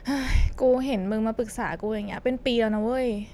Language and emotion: Thai, frustrated